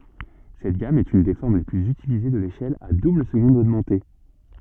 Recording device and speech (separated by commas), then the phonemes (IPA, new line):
soft in-ear microphone, read sentence
sɛt ɡam ɛt yn de fɔʁm le plyz ytilize də leʃɛl a dubləzɡɔ̃d oɡmɑ̃te